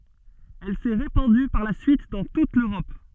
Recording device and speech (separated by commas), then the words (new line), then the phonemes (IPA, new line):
soft in-ear microphone, read sentence
Elle s'est répandue par la suite dans toute l'Europe.
ɛl sɛ ʁepɑ̃dy paʁ la syit dɑ̃ tut løʁɔp